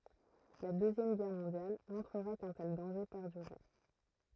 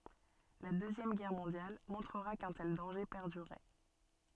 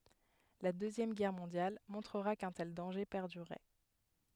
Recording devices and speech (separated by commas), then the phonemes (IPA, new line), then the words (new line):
throat microphone, soft in-ear microphone, headset microphone, read sentence
la døzjɛm ɡɛʁ mɔ̃djal mɔ̃tʁəʁa kœ̃ tɛl dɑ̃ʒe pɛʁdyʁɛ
La Deuxième Guerre mondiale montrera qu'un tel danger perdurait.